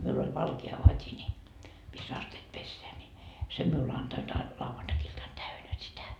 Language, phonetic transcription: Finnish, miul ‿oĺ 'valke₍a 'vat́i ńi , mis's ‿asteet 'pesseä ńi , 'sem miul 'antoit a- , 'lauvantakiltan "täynä 'sitä .
- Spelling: minulla oli valkea vati niin missä astiat pestään niin sen minulle antoivat - lauantai-iltana täynnä sitä

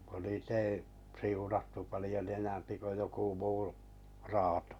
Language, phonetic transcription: Finnish, kun nii't ‿ei , 'siunattu palⁱjon ‿enämpi ko joku 'muu , 'raatᴏ .
- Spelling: kun niitä ei siunattu paljon enempi kuin joku muu raato

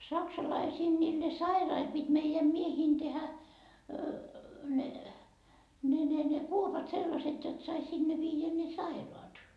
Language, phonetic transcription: Finnish, 'saksalaisiin niille "sairail pit́ meijäm 'mieheen 'tehä , ne , ne ne ne , 'kuopat 'sellaset́ jot sai 'sinne viijä ne "sairoat .
- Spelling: saksalaisten niille sairaille piti meidän miesten tehdä ne ne ne ne kuopat sellaiset jotta sai sinne viedä ne sairaat

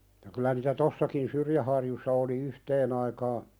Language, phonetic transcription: Finnish, ja kylä niitä "tossakin 'Syrjäharjussa oli 'yhteen ‿aikaa ,.
- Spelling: ja kyllä niitä tuossakin Syrjäharjussa oli yhteen aikaan

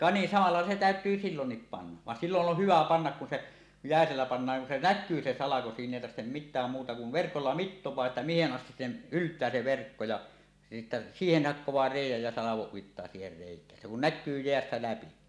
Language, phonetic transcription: Finnish, ka ni samal̳a làella 'se "tä̀öt̀yy "sillonnip 'panna , van 'silloˀ 'ˀoh "hyvä "pannak kun se , 'jä̀esellä pannaaŋ kun se "näkkyy se 'salako 'siin ‿èi tarhtem "mit̆tääm 'muuta kuv 'verkolla "mittoẁaa että "mihe̳n 'ˀastis 'sem̳ , "ylt̀ää 'se 'verkko ja , sittä "siihen hakkoẁaa 'rèij̆jäj jä 'salavoˀ 'ˀuittaa siiher rèik̀ään se kun "näkkyy 'jeästä 'läpi .
- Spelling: ka niin samalla lailla se täytyy silloin panna vaan silloin on hyvä panna kun se jäisellä pannaan kun se näkyy se salko siinä ei tarvitse mitään muuta kuin verkolla mittaa että mihin asti se yltää se verkko ja sitten siihen hakkaa reiän ja salon uittaa siihen reikään se kun näkyy jäästä läpi

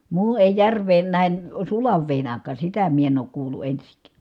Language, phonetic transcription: Finnish, muu èi järv̀een nähen , sulav vèin àik̀à sitä mie en ook kuulu ensiŋk̀Ä .
- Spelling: muu ei järveen nähden sulan veden aikaan sitä minä en ole kuullut ensinkään

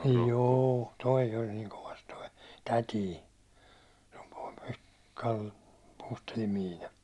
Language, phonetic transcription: Finnish, 'jû , 'toi oĺ niiŋ kovas toi , 'tätii , Kal- , 'Puustellim Miina .
- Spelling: juu tuo oli niin kovassa tuo täti - Puustellin Miina

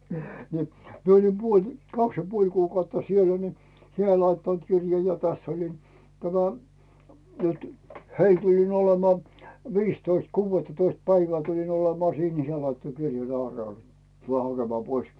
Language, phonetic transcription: Finnish, ni , 'mie oĺim "puoĺ , "kaks ja 'puoĺ kuukautta siellᴀ̈ ni , "heäˡ laittant 'kirja ja täss ‿olin , tämä , nytʏ , "heil tuĺin 'olemᵒà , "viistoist 'kuuvvettatoist päivää tulin olemaa 'siin ni se laitto 'kirjan "Aarnel , » 'tulè 'hakemaa "pois « .
- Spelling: niin minä olin puoli kaksi ja puoli kuukautta siellä niin heille laittanut kirjan ja tässä olin tämä nyt heille tulin olemaan viisitoista kuudettatoista päivää tulin olemaan siinä niin se laittoi kirjan Aarnelle tule hakemaan pois

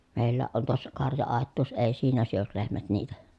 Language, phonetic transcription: Finnish, mèillääʼ ʼon tuossa karja₍àettuus èi siinä syöl lehmät niitä .
- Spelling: meilläkin on tuossa karja-aitaus ei siinä syö lehmät niitä

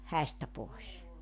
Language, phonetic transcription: Finnish, 'häistä 'pòes .
- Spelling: häistä pois

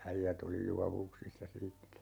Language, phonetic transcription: Finnish, 'äijät ‿oli "juavuksissa 'siittä .
- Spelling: äijät oli juovuksissa siitä

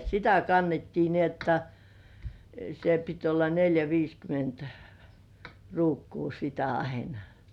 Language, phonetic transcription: Finnish, (et) "sitä kannettii ni ‿otta , se pit olla "neljä 'viiskyment , 'ruukkuu sitä aina .
- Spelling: että sitä kannettiin niin jotta se piti olla neljä viisikymmentä ruukkua sitä aina

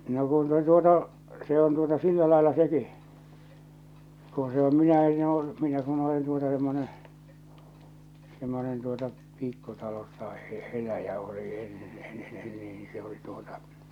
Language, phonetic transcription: Finnish, no kun se tuota , se on tuota 'sillä laella 'seki , ku se om 'minä 'enn ‿oo , 'minä kun olen tuota semmone , semmonen tuota , 'pikkutalossa e- , 'eläjä oli 'enne -en -nen niin se oli tᴜᴏtᴀ ,.
- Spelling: no kun se tuota se on tuota sillä lailla sekin kun se on minä en ole minä kun olen tuota semmoinen semmoinen tuota pikkutalossa - eläjä olin ennen - ennen niin se oli tuota

